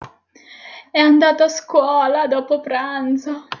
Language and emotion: Italian, sad